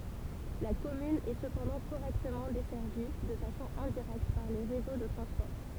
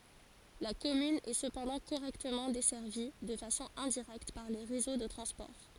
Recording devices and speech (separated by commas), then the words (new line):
temple vibration pickup, forehead accelerometer, read sentence
La commune est cependant correctement desservie, de façon indirecte par les réseaux de transport.